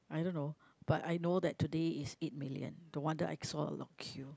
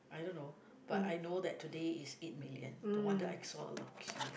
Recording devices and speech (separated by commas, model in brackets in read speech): close-talking microphone, boundary microphone, conversation in the same room